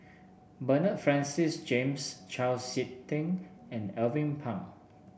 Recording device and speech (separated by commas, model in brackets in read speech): boundary microphone (BM630), read sentence